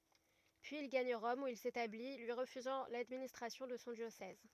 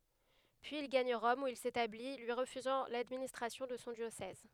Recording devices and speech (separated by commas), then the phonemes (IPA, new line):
rigid in-ear microphone, headset microphone, read sentence
pyiz il ɡaɲ ʁɔm u il setabli lyi ʁəfyzɑ̃ ladministʁasjɔ̃ də sɔ̃ djosɛz